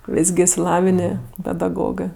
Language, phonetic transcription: Lithuanian, ˈvis gi išsiˈlavinė pedaˈgogɜ

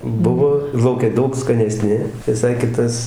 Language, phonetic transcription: Lithuanian, ˈbuvo ir lauˈke ˈdaug skaneˈsni viˈsai ˈkitas

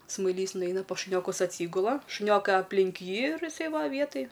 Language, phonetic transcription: Lithuanian, smaiˈlys nuˈeina pas šuˈniokus atˈsygula šuˈniokai apˈlink ˈjį ir iˈsai ˈva ˈvietaj

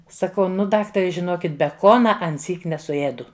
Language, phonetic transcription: Lithuanian, saˈkau ˈnu ˈdaktare žiˈnokit beˈkona anˈsyk nesuˈėdu

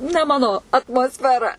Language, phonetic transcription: Lithuanian, ne ˈmano atmosfeˈra

